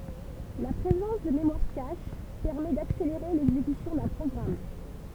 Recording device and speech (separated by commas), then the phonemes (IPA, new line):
temple vibration pickup, read sentence
la pʁezɑ̃s də memwaʁ kaʃ pɛʁmɛ dakseleʁe lɛɡzekysjɔ̃ dœ̃ pʁɔɡʁam